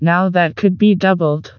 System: TTS, vocoder